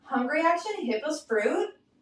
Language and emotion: English, disgusted